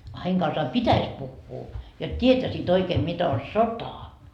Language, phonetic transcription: Finnish, a 'heiŋ kansaa "pitäs puhhuu , jot 't́ietäsiit ‿oikeem 'mit ‿on̬ "sota .
- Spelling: a heidän kanssaan pitäisi puhua jotta tietäisivät oikein mitä on sota

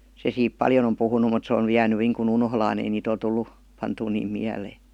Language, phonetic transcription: Finnish, se siip "paljon ‿om 'puhunu mut se on ny jääny niiŋkun "unholaan ‿ei niit ‿ol 'tullu , 'pantuu niim "miälee .
- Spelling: se siitä paljon on puhunut mutta se on nyt jäänyt niin kuin unholaan ei niitä ole tullut pantua niin mieleen

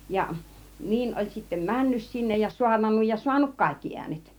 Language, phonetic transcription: Finnish, ja , 'niin oĺ sittem "männys sinnej ja 'suarnannuj ja "suanut 'kàikki 'iänet .
- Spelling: ja niin oli sitten mennyt sinne ja saarnannut ja saanut kaikki äänet

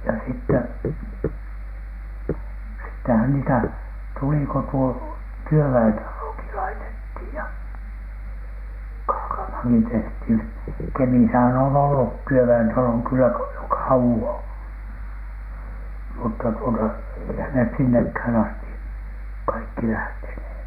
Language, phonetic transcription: Finnish, ja sitteh- , sittehän niitä , tuli ko tuo , "työvä₍entaloki laitethìj ja , Kaakamhàŋki tehthìn , 'Kemisähän on ollu , "työvä₍entaloᵑ kyllä ko- , jo "kauwoN , mutta tuota , eihän nes sinnekhän asti , "kaikki 'lähtenhè .
- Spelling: ja - sittenhän niitä tuli kun tuo työväentalokin laitettiin ja Kaakamaankin tehtiin Kemissähän on ollut työväentalo kyllä - jo kauan mutta tuota eihän ne sinnekään asti kaikki lähteneet

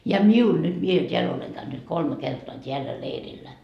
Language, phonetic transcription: Finnish, ja "miul nyt , mie t́eäl oleŋ käynyt 'kolme 'kertoa 't́eällä 'leirillä .
- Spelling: ja minulla nyt minä täällä olen käynyt kolme kertaa täällä leirillä

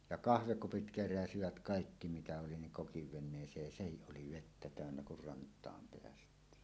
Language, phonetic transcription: Finnish, ja "kahvekupit 'keräsivät "kàikki mitä oli niŋ 'kokiv 'ven̆nees̀eej ja "sehiˀ 'ˀoli "vettä 'tä̀önnä kur rant̀aam peäst̀iin .
- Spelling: ja kahvikupit keräsivät kaikki mitä oli niin kokin veneeseen ja sehän oli vettä täynnä kun rantaan päästiin

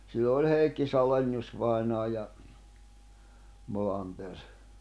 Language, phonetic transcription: Finnish, sillo oĺ 'Hèikki 'Saleni₍us vainaa ja , 'Molanter .
- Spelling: silloin oli Heikki Salenius vainaja ja Molander

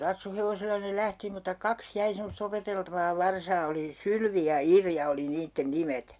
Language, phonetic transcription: Finnish, 'ratsuhevosella ne 'lähti muta "kaks "jäi semos't ‿opeteltavaa 'varsaa oli "Sylvi ja "Irja oli 'niitten "nimet .
- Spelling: ratsuhevosella ne lähti mutta kaksi jäi semmoista opeteltavaa varsaa oli Sylvi ja Irja oli niiden nimet

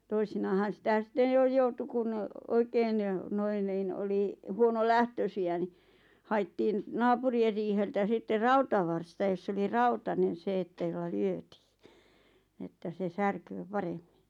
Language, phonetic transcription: Finnish, 'toisinaahan̬ 'sⁱtä 'sⁱtten jo 'joutu kun , 'oikeen , 'noin niin 'oli , 'huono"lähtösi₍ä ⁿⁱ , 'hai̬ttiin , "naapuri₍er riiheltä 'sitter 'rautavarsta joss ‿oli "rautanen̬ 'se että jolla 'lyötii , että se 'särköö "paremmɪɴ .
- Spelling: toisinaanhan sitä sitten jo joutui kun oikein noin niin oli huonolähtöisiä niin haettiin naapurien riiheltä sitten rautavarsta jossa oli rautainen se että jolla lyötiin että se särkee paremmin

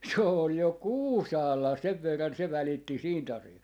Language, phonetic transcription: Finnish, 's ‿ool jo "Kuusaalla "sev verran "se 'välitti "siint ‿asi₍a(sta) .
- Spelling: se oli jo Kuusaalla sen verran se välitti siitä asiasta

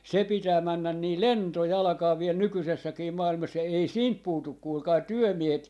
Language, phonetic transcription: Finnish, 'se pitää 'männän 'nii "lentojalᵃkaa 'viel "nykysessäkii "maa₍ilmas 'ei "siint 'puutuk 'kuulkai "työmiehet .
- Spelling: se pitää mennä niin lentojalkaa vielä nykyisessäkin maailmassa ei siitä puutu kuulkaa työmiehet

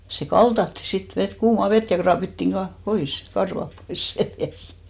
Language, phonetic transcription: Finnish, se "kaltatti 'sit , 'vet , 'kuuma "vet ja 'kraapittiŋ 'ka- , "pois , 'karvap pois 'seljäst .
- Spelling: se kaltattiin sitten vettä kuumaa vettä ja raapittiin - pois karvat pois selästä

